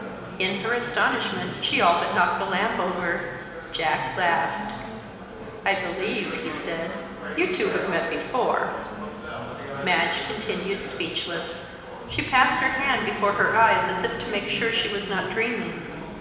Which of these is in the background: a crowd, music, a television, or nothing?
Crowd babble.